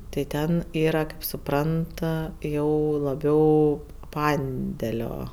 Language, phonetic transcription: Lithuanian, tai ˈten ˈyra kaip suˈprant a ˈjau laˈbiau ˈpandelio

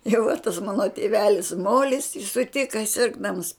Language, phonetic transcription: Lithuanian, jau va tas ˈmano tėˈvelis ˈmolis i suˈtika ˈsirgdams

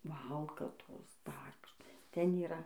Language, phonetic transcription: Lithuanian, ˈvalkatos ˈdar kažˈkas ˈten yˈra

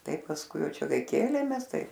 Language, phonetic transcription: Lithuanian, ˈtaip pasˈkui ˈjau ˈčia ˈkai ˈkėlėmės ˈtai

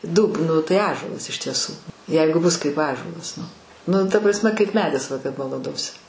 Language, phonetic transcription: Lithuanian, ˈdūb ˈnu tai ˈąžuolas iš tieˈsų ˈjeigu bus kaip ˈąžuolas nu ˈnu ta ˈprasˈme kaip ˈmedis balaˈdosi

